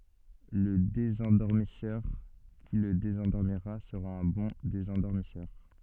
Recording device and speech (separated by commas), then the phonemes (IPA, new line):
soft in-ear microphone, read sentence
lə dezɑ̃dɔʁmisœʁ ki lə dezɑ̃dɔʁmiʁa səʁa œ̃ bɔ̃ dezɑ̃dɔʁmisœʁ